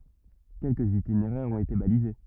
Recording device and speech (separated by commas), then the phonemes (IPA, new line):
rigid in-ear microphone, read sentence
kɛlkəz itineʁɛʁz ɔ̃t ete balize